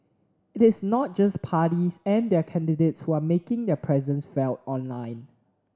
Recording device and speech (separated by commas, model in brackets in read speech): standing microphone (AKG C214), read sentence